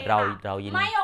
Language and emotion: Thai, neutral